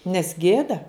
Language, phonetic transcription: Lithuanian, nes ˈgėda

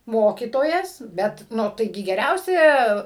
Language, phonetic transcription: Lithuanian, ˈmokytojas ˈbet ˈnu taiˈgi geˈriausia

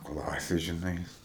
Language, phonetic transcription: Lithuanian, ˈklasė žiˈnai

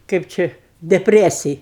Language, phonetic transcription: Lithuanian, ˈkɜp ˈčia depˈresij

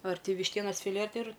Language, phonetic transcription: Lithuanian, ar ti višˈtienas fiˈlė ar ˈti ir

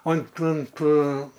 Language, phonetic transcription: Lithuanian, ant ˈant

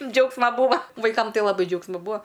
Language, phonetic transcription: Lithuanian, ˈdžiaugsma ˈbūva vaiˈkam ˈtai laˈbai ˈdžiaugsma ˈbua

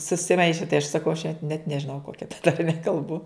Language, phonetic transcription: Lithuanian, susiˈmaiše tai aš saˈkau aš net nežiˈnau ˈkokia tarˈme kalˈbu

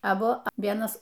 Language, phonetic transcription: Lithuanian, aˈbu ˈvienas

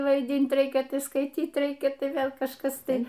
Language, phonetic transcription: Lithuanian, vaiˈdynt ˈreikia skaiˈtyt ˈreikia ˈtai ˈvėl kažˈkas ˈtai

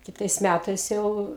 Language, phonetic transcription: Lithuanian, kiˈtais ˈmætais ˈjau

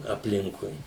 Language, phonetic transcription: Lithuanian, apˈlinkui

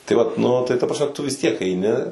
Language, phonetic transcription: Lithuanian, tai vat nu tai ta prasˈme tu vis tiek eiˈni

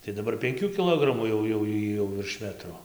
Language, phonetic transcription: Lithuanian, tai daˈbar penˈkių kiˈlogramų jau jau ˈjy jau virš ˈmetro

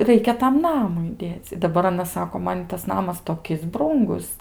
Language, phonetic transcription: Lithuanian, ˈraikia tam ˈnamui ˈdėc' daˈbar aˈnas ˈsako ˈman ˈitas ˈnamas toˈkis ˈbrūngus

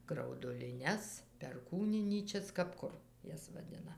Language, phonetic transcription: Lithuanian, grauduliˈnes perˈkūninyčias kap ˈkur ˈjas vaˈdina

